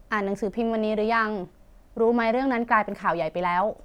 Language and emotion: Thai, neutral